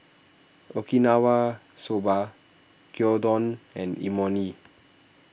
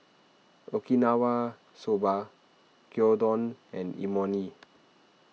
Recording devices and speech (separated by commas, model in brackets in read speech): boundary microphone (BM630), mobile phone (iPhone 6), read sentence